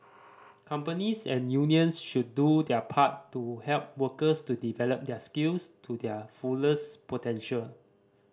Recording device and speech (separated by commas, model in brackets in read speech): standing microphone (AKG C214), read sentence